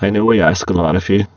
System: VC, spectral filtering